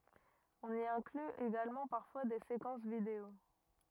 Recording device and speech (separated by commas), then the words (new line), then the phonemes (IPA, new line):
rigid in-ear microphone, read sentence
On y inclut également parfois des séquences vidéo.
ɔ̃n i ɛ̃kly eɡalmɑ̃ paʁfwa de sekɑ̃s video